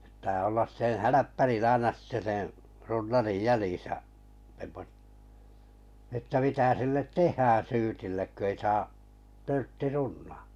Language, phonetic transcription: Finnish, ᵖt̆tää ollas 'seḛ "häläppärin 'aina sitte seḛ , 'runnarij "jäljìsä , semmot- , että mitä sillet "teh̀ää 'syytillek kö ei saa , 'törtti "runnᴀᴀ .
- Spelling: pitää olla sen hälppärin aina sitten sen runnarin jäljissä - että mitä sille tehdään syytille kun ei saa törtti runnata

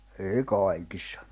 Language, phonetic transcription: Finnish, èi 'kàikɪssᴀ .
- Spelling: ei kaikissa

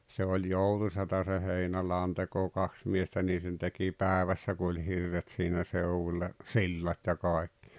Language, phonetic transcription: Finnish, se oĺ "joutu sata se 'heinälàonteko 'kaks miestä nii sen teki "pä̀evässä ku oĺ 'hirret siinä 'seuwuĺĺa , "sillat ja 'kàekkɪ .
- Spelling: se oli joutuisaa - se heinäladonteko kaksi miestä niin sen teki päivässä kun oli hirret siinä seudulla sillat ja kaikki

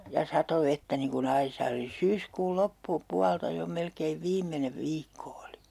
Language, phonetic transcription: Finnish, ja 'sato 'vettä niŋ ku'n ‿aisaa oli "syyskuul "loppu'pualta jo 'melkeiv 'viimmenev 'viikko oli .
- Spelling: ja satoi vettä niin kuin aisaa oli syyskuun loppupuolta jo melkein viimeinen viikko oli

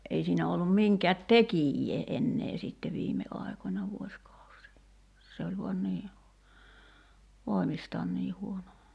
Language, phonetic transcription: Finnish, '’ei siinä ollum 'miŋkɛät "tekijjee 'ennee sitte 'viime 'ài̬końa 'vuoskausii , se oĺ vuan 'nii , 'vòi̬mistaan nii huono .
- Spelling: ei siinä ollut minkään tekijää enää sitten viime aikoina vuosikausia se oli vain niin voimistaan niin huono

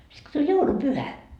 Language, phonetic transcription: Finnish, sit ko 'tuĺ "joulupyhä ,.
- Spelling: sitten kun tuli joulupyhä

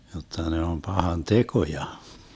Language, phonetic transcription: Finnish, 'jotta ne om 'pahan "tekoja .
- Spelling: jotta ne on pahan tekoja

